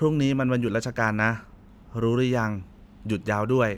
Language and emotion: Thai, neutral